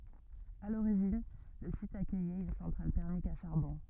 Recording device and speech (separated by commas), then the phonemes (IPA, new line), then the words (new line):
rigid in-ear microphone, read sentence
a loʁiʒin lə sit akœjɛt yn sɑ̃tʁal tɛʁmik a ʃaʁbɔ̃
À l'origine, le site accueillait une centrale thermique à charbon.